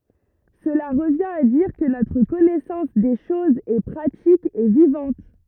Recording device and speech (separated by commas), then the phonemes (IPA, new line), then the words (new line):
rigid in-ear microphone, read sentence
səla ʁəvjɛ̃t a diʁ kə notʁ kɔnɛsɑ̃s de ʃozz ɛ pʁatik e vivɑ̃t
Cela revient à dire que notre connaissance des choses est pratique et vivante.